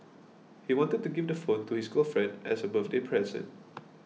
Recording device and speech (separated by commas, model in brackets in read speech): mobile phone (iPhone 6), read sentence